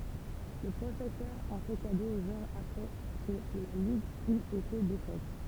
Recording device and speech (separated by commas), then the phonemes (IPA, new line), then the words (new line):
temple vibration pickup, read sentence
lə pʁofɛsœʁ ɑ̃ fɛ kado o ʒwœʁ apʁɛ kə la liɡ yt ete defɛt
Le professeur en fait cadeau au joueur après que la ligue eut été défaite.